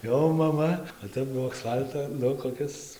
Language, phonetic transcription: Lithuanian, ˈjau maˈma o ˈtep ˈbuvo aksˈfalto ˈnu koˈkis

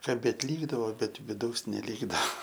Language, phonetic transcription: Lithuanian, kaˈbėt ˈlykdavo ˈbet viˈdaus neˈlygdava

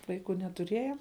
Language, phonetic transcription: Lithuanian, ˈvaiku netuˈrieja

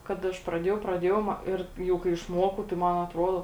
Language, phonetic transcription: Lithuanian, kad ˈaš praˈdėjau praˈdėjau ma ˈir ˈjau kai išˈmokau tai ˈman atˈrodo

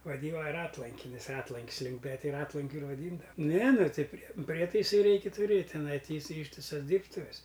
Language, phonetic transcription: Lithuanian, vaˈdyna ˈratlankinis ˈratlank's ˈliūmpe ti ˈratlankiu ir vaˈdyndava ˈne ˈnu ˈtai ˈprie ˈprietaisai ˈreiki tuˈrėt' tiˈnai ˈty iˈsai ˈyštisas ˈdyrbtuves

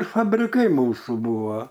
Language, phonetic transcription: Lithuanian, fabriˈkai ˈmūsų ˈbūvo

